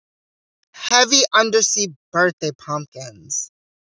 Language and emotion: English, disgusted